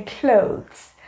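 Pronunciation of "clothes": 'Clothes' is pronounced correctly here.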